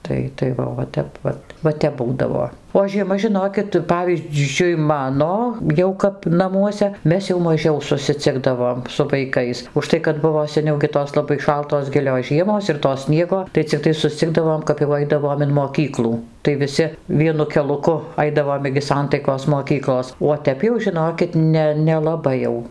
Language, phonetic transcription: Lithuanian, ˈtai tai ˈva o va ˈtep ˈva va ˈtep ˈbūdavo o žieˈma žiˈnokit ˈpavyzdžiui ˈmano ˈjau kap naˈmuose ˈmes jau maˈžiau susiˈcikdavom su vaiˈkais užˈtai kad ˈbuvo seˈniau gi ˈtos laˈbai ˈšaltos ˈgilios ˈžiemos ir to ˈsniego tai cikˈtai susˈcigdavom kap jau ˈaidavom in moˈkyklų tai viˈsi ˈvienu keliuˈku ˈaidavom igi ˈsantaikos moˈkyklos uo ˈtep jau žiˈnokit ˈne nelaˈbai jau

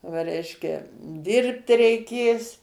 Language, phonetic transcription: Lithuanian, va ˈreiškia ˈdirbt reiˈkės

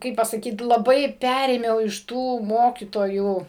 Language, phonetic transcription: Lithuanian, ˈkaip pasaˈkyt laˈbai ˈperėmiau iš ˈtų ˈmokytojų

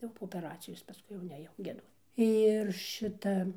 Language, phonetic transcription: Lithuanian, jau po opeˈracijos paskui jau neˈjau gieˈduot ir ˈšita

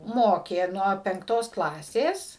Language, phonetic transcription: Lithuanian, ˈmokė ˈnuo penkˈtos ˈklasės

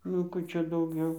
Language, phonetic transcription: Lithuanian, nu ˈkų ˈčia dauˈgiau

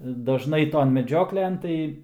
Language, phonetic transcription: Lithuanian, daˈžnai ˈton meˈdžioklen ˈtai

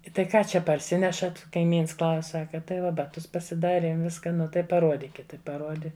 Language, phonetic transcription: Lithuanian, i tai ˈką ˈčia parˈsinešat kaiˈmyns klaus' ˈsaka tai ˈva baˈtus pasiˈdariem ˈviska ˈnu tai paˈruodikit ˈtai paˈruodi

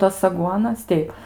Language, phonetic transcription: Lithuanian, ˈtas aˈguonas ˈteip

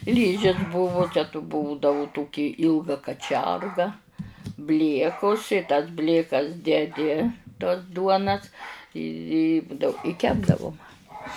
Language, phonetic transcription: Lithuanian, ˈlyžis ˈbuvu ˈčia tų ˈbūdavu ˈtoki ˈylga kaˈčerga ˈbliekus i tas ˈblėkas deˈdi tuos ˈduonas i i ˈbudavu i ˈkepdavu ˈmama

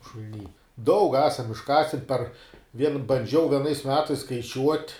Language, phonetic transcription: Lithuanian, šul'ˈny daug ˈesam išˈkasin par vien banˈdžiau vieˈnais ˈmetais skaiˈčiuot'

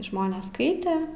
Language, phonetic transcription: Lithuanian, ˈžmonės ˈskaite

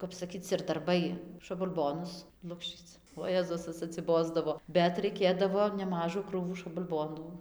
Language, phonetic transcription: Lithuanian, kap saˈkyc ir darˈbai šabalˈbonus ˈlukščyc o ˈjėzus tas atsiˈbosdavo bet raiˈkėdavo neˈmažų ˈkrūvų šabalˈbonų

